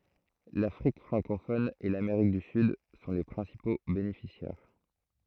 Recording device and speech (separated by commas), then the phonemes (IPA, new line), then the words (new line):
throat microphone, read sentence
lafʁik fʁɑ̃kofɔn e lameʁik dy syd sɔ̃ le pʁɛ̃sipo benefisjɛʁ
L'Afrique francophone et l'Amérique du Sud sont les principaux bénéficiaires.